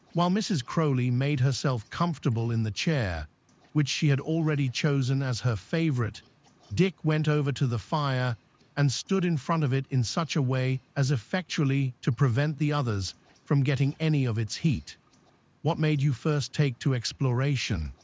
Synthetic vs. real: synthetic